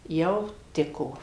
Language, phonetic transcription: Lithuanian, ˈjau ˈtiko

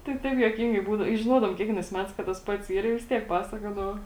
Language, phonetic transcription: Lithuanian, tai ˈtaip juoˈkingai ˈbūdau i žiˈnuodavom ˈkiekvienais ˈmetais kad tas ˈpats ˈyr i vis ˈtiek ˈpasakodavo

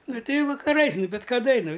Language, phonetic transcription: Lithuanian, ˈnu ˈtei ˈjau vakaˈrais ˈnu bit kaˈda i ˈnu

